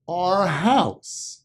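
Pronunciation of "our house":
'Our' is pronounced like the letter R, and its r sound connects to 'house'.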